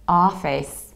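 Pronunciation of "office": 'Office' is pronounced with an American accent.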